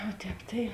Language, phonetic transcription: Lithuanian, o ˈtēp tai

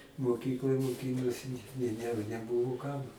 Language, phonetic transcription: Lithuanian, moˈkykloj moˈkynosi i ˈne neˈbuvu ˈkam

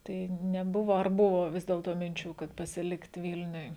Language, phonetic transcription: Lithuanian, ˈtai neˈbuvo ar ˈbuvo ˈvis dėlto minˈčių kad pasiˈlikt ˈvilniuj

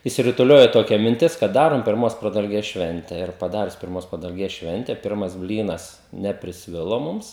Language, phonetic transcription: Lithuanian, išsirutuˈliojo toˈkia minˈtis kad ˈdarom pirˈmos pradalˈgės ˈšvente ir paˈdarius pirˈmos pradalˈgės ˈšvente ˈpirmas ˈblynas neprisˈvilo ˈmums

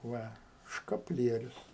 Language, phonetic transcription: Lithuanian, ˈva škapˈlierius

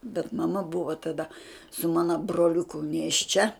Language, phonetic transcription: Lithuanian, bet maˈmaˈ buvo taˈda su ˈmano broliuˈku nėšˈčia

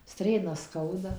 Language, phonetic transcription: Lithuanian, ˈstrėnas ˈskauda

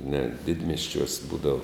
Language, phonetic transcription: Lithuanian, net ˈdidmiesčiuos ˈbūdav

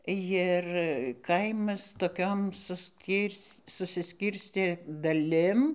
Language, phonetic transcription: Lithuanian, jir ˈkaimas toˈkiom susˈkyr's' susiˈskyrstė daˈlim

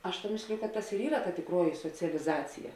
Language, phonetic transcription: Lithuanian, ˈaš ta ˈmėsliju ka ˈtas ir ˈyra ta tikˈruoji socialiˈzacija

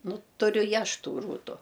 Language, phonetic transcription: Lithuanian, ˈnu tuˈriu i ˈaš ˈtų ˈrūtu

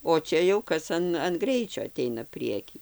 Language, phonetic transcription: Lithuanian, o ˈčia jau ˈkas an an ˈgreičio aˈteina ˈprieky

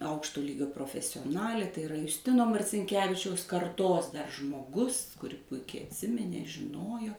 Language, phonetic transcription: Lithuanian, ˈaukšto ˈlygio profesioˈnalė tai iˈra jusˈtino marcinˈkevičiaus karˈtos dar žmoˈgus kuˈri ˈpuikiai atˈsiminė žiˈnojo

